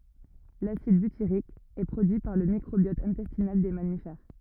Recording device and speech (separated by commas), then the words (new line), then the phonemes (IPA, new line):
rigid in-ear microphone, read sentence
L'acide butyrique est produit par le microbiote intestinal des mammifères.
lasid bytiʁik ɛ pʁodyi paʁ lə mikʁobjɔt ɛ̃tɛstinal de mamifɛʁ